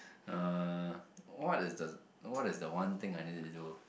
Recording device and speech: boundary microphone, conversation in the same room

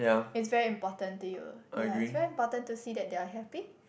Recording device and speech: boundary microphone, conversation in the same room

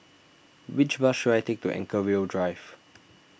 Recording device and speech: boundary microphone (BM630), read sentence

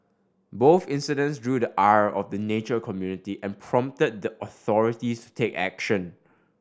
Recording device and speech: standing microphone (AKG C214), read sentence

